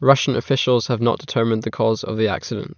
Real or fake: real